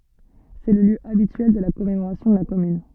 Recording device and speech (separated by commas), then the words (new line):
soft in-ear microphone, read sentence
C'est le lieu habituel de la commémoration de la Commune.